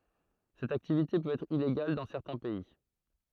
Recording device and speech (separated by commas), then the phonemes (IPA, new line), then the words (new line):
throat microphone, read sentence
sɛt aktivite pøt ɛtʁ ileɡal dɑ̃ sɛʁtɛ̃ pɛi
Cette activité peut être illégale dans certains pays.